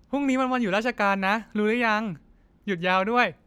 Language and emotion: Thai, happy